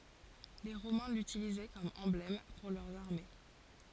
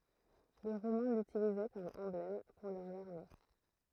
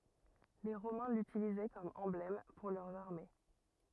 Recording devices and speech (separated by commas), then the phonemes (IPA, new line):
forehead accelerometer, throat microphone, rigid in-ear microphone, read sentence
le ʁomɛ̃ lytilizɛ kɔm ɑ̃blɛm puʁ lœʁz aʁme